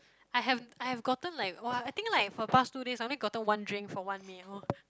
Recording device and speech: close-talking microphone, conversation in the same room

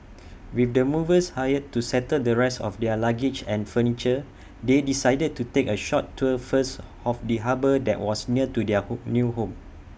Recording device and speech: boundary microphone (BM630), read sentence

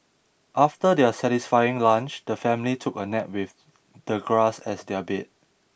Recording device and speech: boundary microphone (BM630), read sentence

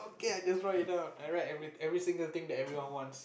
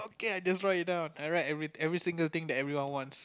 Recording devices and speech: boundary microphone, close-talking microphone, conversation in the same room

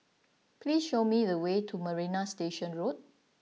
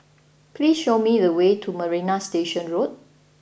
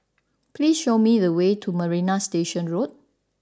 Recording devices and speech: mobile phone (iPhone 6), boundary microphone (BM630), standing microphone (AKG C214), read sentence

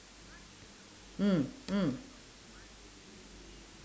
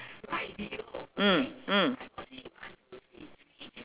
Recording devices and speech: standing microphone, telephone, conversation in separate rooms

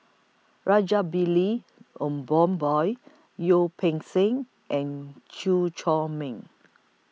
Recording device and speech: mobile phone (iPhone 6), read sentence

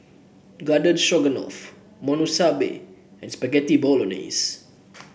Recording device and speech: boundary microphone (BM630), read sentence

